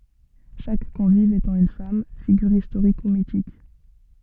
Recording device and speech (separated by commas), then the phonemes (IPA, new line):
soft in-ear microphone, read sentence
ʃak kɔ̃viv etɑ̃ yn fam fiɡyʁ istoʁik u mitik